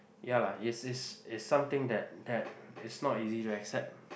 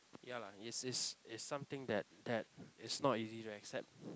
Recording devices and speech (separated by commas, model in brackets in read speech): boundary microphone, close-talking microphone, conversation in the same room